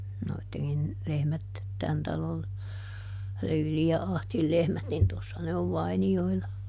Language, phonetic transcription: Finnish, ˈnoitteŋkin , ˈlehmät , ˈtän talol , ˈLyyli ja "Ahtil ˈlehmät nin ˈtossa ne ov ˈvaini₍oila .
- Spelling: noidenkin lehmät tämän talon Lyylin ja Ahdin lehmät niin tuossa ne on vainioilla

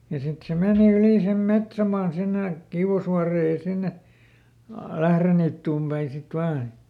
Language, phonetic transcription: Finnish, ja ˈsit se ˈmeeni ˈyli sem "metsämaan sinne , ˈKiuʷasvuaree ja ˈsinne , a- "Lähreniittuum päin̬ sit ˈvaan .
- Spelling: ja sitten se meni yli sen metsämaan sinne Kiuasvuoreen ja sinne - Lähdeniittyyn päin sitten vain

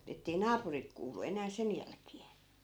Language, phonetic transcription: Finnish, ettei 'naapurit kuul̆lu 'enää 'sen jälkee .
- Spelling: että ei naapurit kuullut enää sen jälkeen

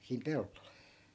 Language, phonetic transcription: Finnish, siim 'pellol .
- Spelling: siinä pellolla

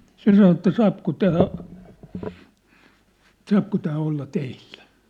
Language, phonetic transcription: Finnish, se sano että » "saapko 'tää , saapko tää 'olla "teilʟᴀ̈ ?
- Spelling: se sanoi että saako tämä saako tämä olla teillä

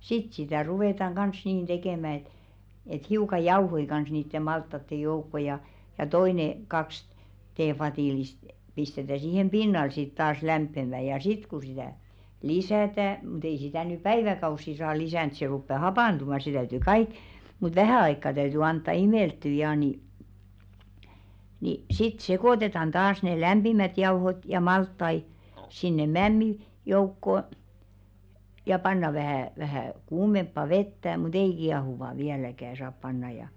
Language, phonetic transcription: Finnish, "sit sitä̀ 'ruvètaŋ ɢans niin 'ᴅekèmä et , et 'hiuka "jauhoi kans niitte 'malttatte 'joukko ja , ja "toine , kaks 'teefatìlist , pistetä 'siihem "pinnal sit taas 'lämppemä ja "sit ku sitä̀ , 'lisä̀tä , mŭt ‿ei sitä̀ ny "päiväkaussi saa 'lisä̀nt se 'ruppe "hapàntumà se täytỳ 'kaik , mut "vähä̀ aikka 'täyty 'antta "imèltty jaa ni , ni , sit 'sekòtetan taas ne "lämʙimät 'jauhot ja 'malttai , sinne "mämmi , 'joukko , ja 'panna vähä̀ , vähä̀ 'kuumemppa 'vettä mu"t ‿ei 'kiahuva viäläkä saap pannaj̆ ja .
- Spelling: sitten sitä ruvetaan kanssa niin tekemään että että hiukan jauhoja kanssa niiden maltaiden joukkoon ja ja toinen kaksi teevadillista pistetään siihen pinnalle sitten taas lämpiämään ja sitten kun sitä lisätään mutta ei sitä nyt päiväkausia saa lisätä se rupeaa hapantumaan se täytyy kaikki mutta vähän aikaa täytyy antaa imeltyä ja niin niin sitten sekoitetaan taas ne lämpimät jauhot ja maltaita sinne mämmin joukkoon ja pannaan vähän vähän kuumempaa vettä mutta ei kiehuvaa vieläkään saa panna ja

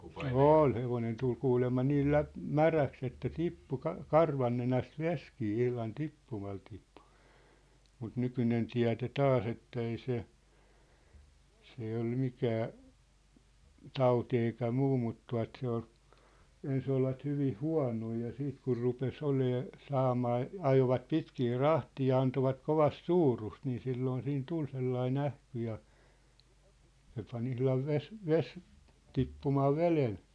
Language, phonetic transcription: Finnish, ôl , 'hevonen tul 'kuulemma niil 'läp- , "-märäks ‿että "tippu 'ka- , "karvannenäst "veskii 'ihlan 'tippumal tippᴜ , mut "nykynen 'tiä̭D̳e "taas ‿ettei se , s ‿ei ol 'mikää , "tauti eikä 'muu mut tua̭t se ‿ol , 'ens ‿olvat hyviʰ "hua̭noi ja 'siit kur rupes 'olee , 'saamaa , 'ajovat 'pitkii "rahtii ja antovat 'kovast "suurust nii 'silloon siin "tul sellai"n ‿ähky ja , se pan 'ihlav 'ves- , "ves , 'tippumaa "velen .
- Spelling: oli hevonen tuli kuulemma niillä - läpimäräksi että tippui - karvannenästä vesikin ihan tippumalla tippui mutta nykyinen tiede taas että ei se se ei ole mikään tauti eikä muu mutta tuo se oli ensin olivat hyvin huonoja ja sitten kun rupesi olemaan saamaan ajoivat pitkiä rahteja ja antoivat kovasti suurusta niin silloin siinä tuli sellainen ähky ja se pani ihan - - tippumaan veden

